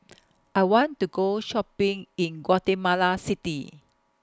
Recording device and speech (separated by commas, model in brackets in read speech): close-talking microphone (WH20), read sentence